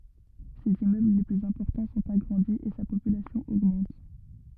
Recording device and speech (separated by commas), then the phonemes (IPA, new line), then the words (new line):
rigid in-ear microphone, read sentence
sez immøbl le plyz ɛ̃pɔʁtɑ̃ sɔ̃t aɡʁɑ̃di e sa popylasjɔ̃ oɡmɑ̃t
Ses immeubles les plus importants sont agrandis et sa population augmente.